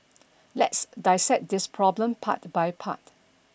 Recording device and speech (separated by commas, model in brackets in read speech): boundary microphone (BM630), read sentence